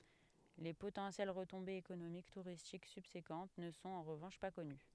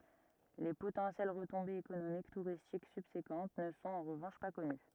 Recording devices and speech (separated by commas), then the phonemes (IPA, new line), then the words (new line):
headset microphone, rigid in-ear microphone, read sentence
le potɑ̃sjɛl ʁətɔ̃bez ekonomik tuʁistik sybsekɑ̃t nə sɔ̃t ɑ̃ ʁəvɑ̃ʃ pa kɔny
Les potentielles retombées économiques touristiques subséquentes ne sont en revanche pas connues.